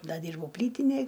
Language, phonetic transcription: Lithuanian, ˈda ˈdyrbau ˈplytinėj

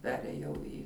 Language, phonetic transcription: Lithuanian, ˈperėjau į

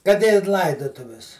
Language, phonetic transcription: Lithuanian, kad i ˈlaidutuvis

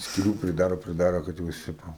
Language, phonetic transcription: Lithuanian, skiˈlių priˈdaro priˈdaro kad jau ˈjis ˈtipo

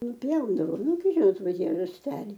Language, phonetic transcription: Lithuanian, nuˈpjaudavom nuˈgi ˈžinot ˈva ˈtie rasˈteliai

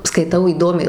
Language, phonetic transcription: Lithuanian, skaiˈtau įˈdomiai

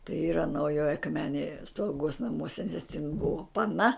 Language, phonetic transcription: Lithuanian, tai ˈyra nauˈjoj akˈmenėj slauˈgos naˈmuose nes jin ˈbuvo paˈna

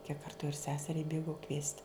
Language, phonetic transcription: Lithuanian, kiek ˈkartu ir ˈseseriai ˈbėgau kviest'

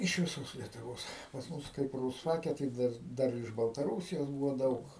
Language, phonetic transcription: Lithuanian, iš viˈsos lietuˈvos pas ˈmus kaip rūsˈfake tai ˈdar ˈdar iš baltaˈrūsijos ˈbūvo ˈdaug

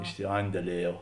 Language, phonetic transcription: Lithuanian, išsiˈandelieˌjau

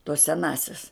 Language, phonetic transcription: Lithuanian, tos seˈnąsias

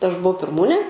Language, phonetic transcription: Lithuanian, aš buˈau pirˈmūnė

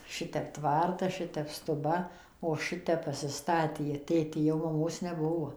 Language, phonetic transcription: Lithuanian, ˈšitep ˈtvartas ˈšitep stuˈba o ˈšitep pasiˈstatė ˈtėtė jau maˈmos neˈbuvo

